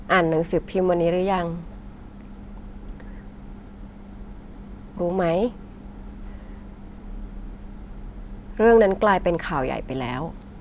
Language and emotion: Thai, sad